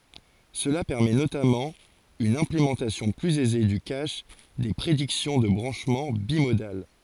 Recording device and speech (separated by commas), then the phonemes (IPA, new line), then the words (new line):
forehead accelerometer, read sentence
səla pɛʁmɛ notamɑ̃ yn ɛ̃plemɑ̃tasjɔ̃ plyz ɛze dy kaʃ de pʁediksjɔ̃ də bʁɑ̃ʃmɑ̃ bimodal
Cela permet notamment une implémentation plus aisée du cache des prédictions de branchement bimodales.